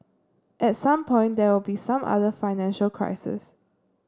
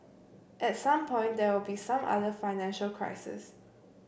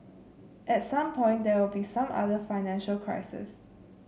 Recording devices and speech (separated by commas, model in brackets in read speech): standing microphone (AKG C214), boundary microphone (BM630), mobile phone (Samsung C7), read sentence